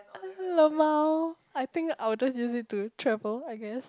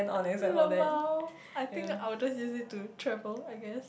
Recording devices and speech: close-talking microphone, boundary microphone, conversation in the same room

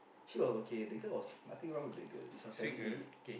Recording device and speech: boundary microphone, conversation in the same room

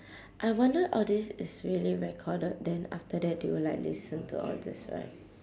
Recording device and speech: standing microphone, conversation in separate rooms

